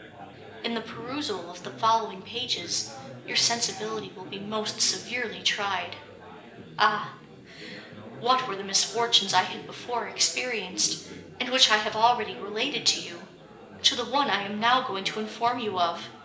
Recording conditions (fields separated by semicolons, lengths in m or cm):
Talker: one person; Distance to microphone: 1.8 m; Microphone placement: close; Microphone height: 1.0 m; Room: large; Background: babble